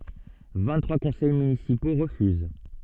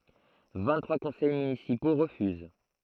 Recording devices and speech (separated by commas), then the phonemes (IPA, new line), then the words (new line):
soft in-ear microphone, throat microphone, read sentence
vɛ̃ɡtʁwa kɔ̃sɛj mynisipo ʁəfyz
Vingt-trois conseils municipaux refusent.